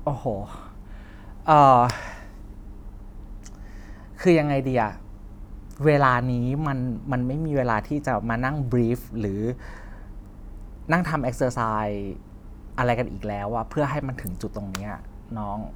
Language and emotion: Thai, frustrated